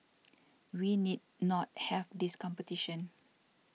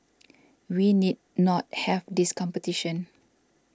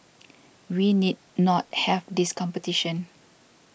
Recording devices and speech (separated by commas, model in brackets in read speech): mobile phone (iPhone 6), standing microphone (AKG C214), boundary microphone (BM630), read sentence